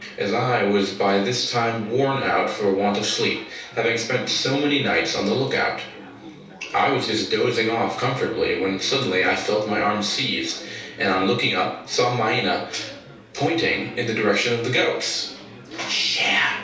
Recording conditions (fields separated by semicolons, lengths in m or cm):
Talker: one person; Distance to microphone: 3.0 m; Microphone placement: far; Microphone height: 1.8 m; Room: small (3.7 m by 2.7 m); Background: babble